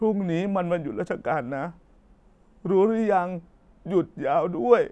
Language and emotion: Thai, sad